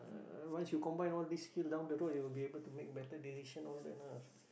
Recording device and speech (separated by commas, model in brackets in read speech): boundary microphone, conversation in the same room